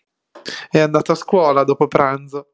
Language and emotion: Italian, sad